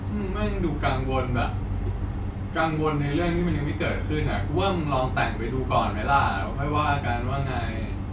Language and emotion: Thai, frustrated